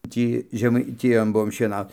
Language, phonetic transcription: Lithuanian, ˈtį žemaiˈtijon ˈbuom šieˈnaut

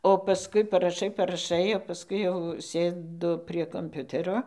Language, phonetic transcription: Lithuanian, o paˈskui paraˈšai paraˈšai o paˈskui jau ˈsėdu prie komˈpiutero

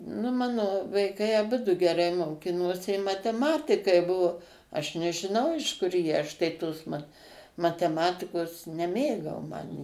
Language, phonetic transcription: Lithuanian, nu ˈmano vaiˈkai aˈbudu geˈrai moˈkinosi i mateˈmatikai ˈbuvo aš nežiˈnau iš ˈkur jie ˈaš tai ˈtos mat mateˈmatikos neˈmėgau ˈman

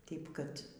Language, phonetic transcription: Lithuanian, ˈtėip kad

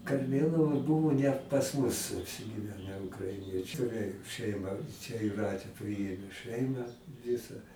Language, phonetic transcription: Lithuanian, karˈmėlavoj ˈbuvo net pas ˈmus apsigiˈvene ukraiˈniečiu rei šeiˈma čia juˈratė ˈpriėmė ˈšɜimą ˈvisa

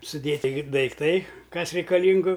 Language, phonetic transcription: Lithuanian, suˈdėti daikˈtai ˈkas reikaˈlyngu

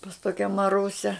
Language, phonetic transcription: Lithuanian, pas ˈtokia maˈrusia

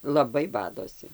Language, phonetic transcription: Lithuanian, laˈbai ˈbadosi

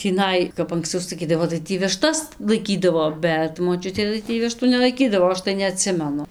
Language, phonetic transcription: Lithuanian, tįˈnai kap anksˈcau saˈkydavo tai ˈtį viˈštas laiˈkydavo ˈbet moˈčiutė tai ˈtį ˈvištų nelaiˈkydavo ˈaš tai neaˈtsimenu

